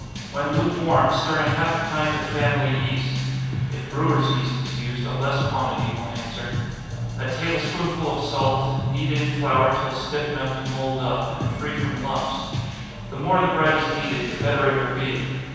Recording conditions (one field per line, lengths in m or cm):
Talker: one person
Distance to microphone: 7.1 m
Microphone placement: far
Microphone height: 1.7 m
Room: very reverberant, large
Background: music